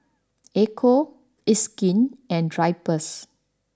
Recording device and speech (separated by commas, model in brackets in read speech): standing microphone (AKG C214), read sentence